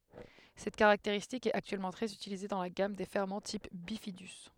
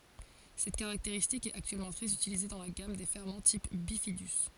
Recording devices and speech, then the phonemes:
headset microphone, forehead accelerometer, read sentence
sɛt kaʁakteʁistik ɛt aktyɛlmɑ̃ tʁɛz ytilize dɑ̃ la ɡam de fɛʁmɑ̃ tip bifidy

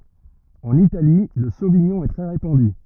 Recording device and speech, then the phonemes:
rigid in-ear microphone, read sentence
ɑ̃n itali lə soviɲɔ̃ ɛ tʁɛ ʁepɑ̃dy

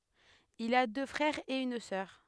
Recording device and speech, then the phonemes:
headset microphone, read sentence
il a dø fʁɛʁz e yn sœʁ

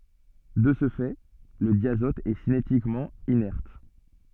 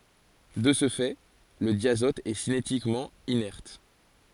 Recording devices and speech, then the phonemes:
soft in-ear microphone, forehead accelerometer, read sentence
də sə fɛ lə djazɔt ɛ sinetikmɑ̃ inɛʁt

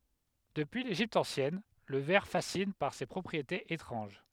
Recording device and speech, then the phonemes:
headset microphone, read sentence
dəpyi leʒipt ɑ̃sjɛn lə vɛʁ fasin paʁ se pʁɔpʁietez etʁɑ̃ʒ

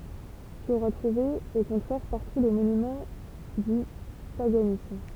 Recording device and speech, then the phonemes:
temple vibration pickup, read sentence
ty oʁa tʁuve o kɔ̃tʁɛʁ paʁtu le monymɑ̃ dy paɡanism

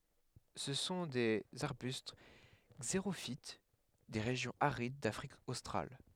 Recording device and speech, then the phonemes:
headset microphone, read sentence
sə sɔ̃ dez aʁbyst ɡzeʁofit de ʁeʒjɔ̃z aʁid dafʁik ostʁal

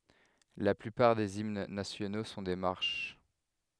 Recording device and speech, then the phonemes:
headset microphone, read sentence
la plypaʁ dez imn nasjono sɔ̃ de maʁʃ

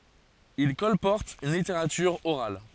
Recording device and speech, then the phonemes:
forehead accelerometer, read sentence
il kɔlpɔʁtt yn liteʁatyʁ oʁal

